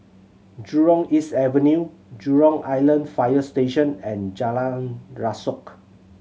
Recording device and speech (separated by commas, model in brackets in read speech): mobile phone (Samsung C7100), read sentence